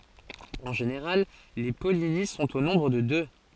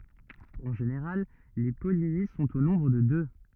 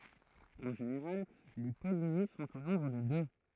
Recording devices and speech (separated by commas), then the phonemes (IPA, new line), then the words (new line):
forehead accelerometer, rigid in-ear microphone, throat microphone, read sentence
ɑ̃ ʒeneʁal le pɔlini sɔ̃t o nɔ̃bʁ də dø
En général, les pollinies sont au nombre de deux.